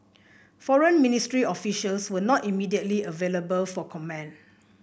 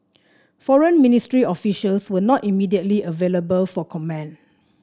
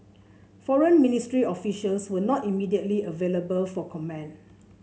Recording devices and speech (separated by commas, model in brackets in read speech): boundary microphone (BM630), standing microphone (AKG C214), mobile phone (Samsung C7), read sentence